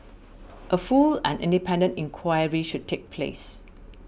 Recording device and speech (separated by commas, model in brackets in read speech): boundary microphone (BM630), read sentence